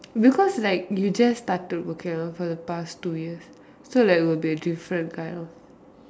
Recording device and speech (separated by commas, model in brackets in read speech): standing microphone, conversation in separate rooms